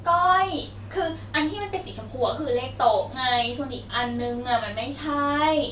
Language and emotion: Thai, frustrated